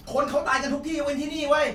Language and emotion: Thai, angry